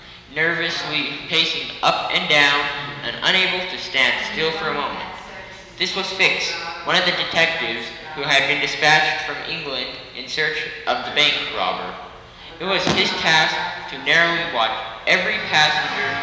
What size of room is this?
A big, very reverberant room.